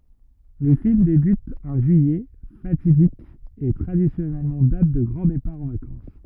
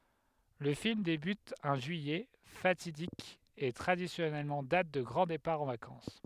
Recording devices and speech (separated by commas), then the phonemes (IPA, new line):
rigid in-ear microphone, headset microphone, read sentence
lə film debyt œ̃ ʒyijɛ fatidik e tʁadisjɔnɛl dat də ɡʁɑ̃ depaʁ ɑ̃ vakɑ̃s